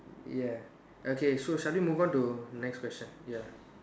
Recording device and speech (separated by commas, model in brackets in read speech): standing microphone, conversation in separate rooms